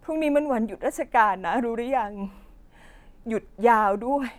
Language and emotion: Thai, sad